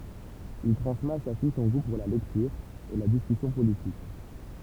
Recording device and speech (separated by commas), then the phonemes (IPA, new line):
temple vibration pickup, read sentence
il tʁɑ̃smɛt a sa fij sɔ̃ ɡu puʁ la lɛktyʁ e la diskysjɔ̃ politik